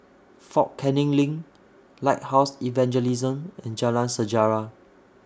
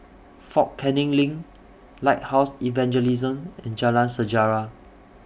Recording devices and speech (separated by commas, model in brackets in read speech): standing microphone (AKG C214), boundary microphone (BM630), read sentence